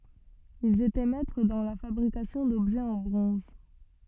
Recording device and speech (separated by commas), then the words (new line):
soft in-ear microphone, read sentence
Ils étaient maîtres dans la fabrication d'objets en bronze.